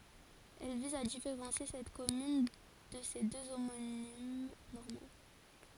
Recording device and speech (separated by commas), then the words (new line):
forehead accelerometer, read sentence
Elle vise à différencier cette commune de ses deux homonymes normands.